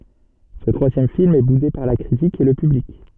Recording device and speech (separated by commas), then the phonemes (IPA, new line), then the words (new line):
soft in-ear microphone, read sentence
sə tʁwazjɛm film ɛ bude paʁ la kʁitik e lə pyblik
Ce troisième film est boudé par la critique et le public.